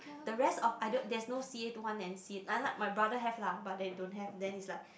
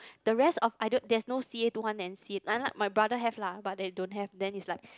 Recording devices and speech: boundary microphone, close-talking microphone, conversation in the same room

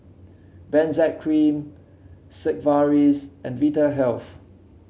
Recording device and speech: mobile phone (Samsung C7), read sentence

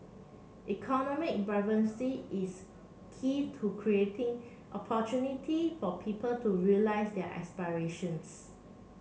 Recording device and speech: mobile phone (Samsung C7), read sentence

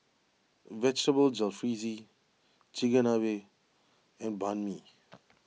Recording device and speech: mobile phone (iPhone 6), read sentence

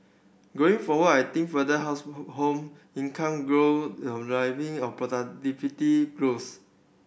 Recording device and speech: boundary microphone (BM630), read sentence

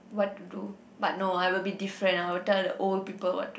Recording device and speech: boundary microphone, conversation in the same room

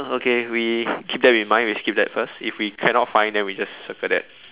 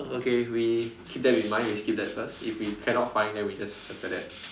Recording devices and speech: telephone, standing microphone, conversation in separate rooms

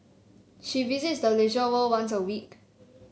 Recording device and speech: mobile phone (Samsung C7), read sentence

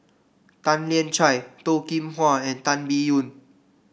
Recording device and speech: boundary microphone (BM630), read sentence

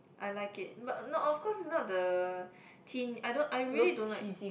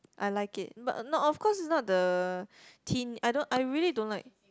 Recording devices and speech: boundary microphone, close-talking microphone, conversation in the same room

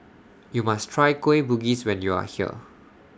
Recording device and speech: standing microphone (AKG C214), read sentence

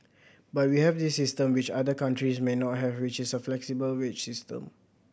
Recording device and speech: boundary microphone (BM630), read sentence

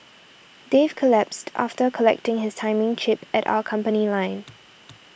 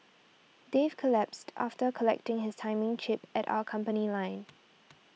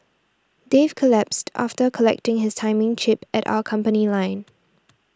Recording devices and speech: boundary microphone (BM630), mobile phone (iPhone 6), standing microphone (AKG C214), read sentence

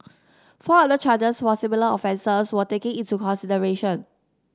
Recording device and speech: standing microphone (AKG C214), read sentence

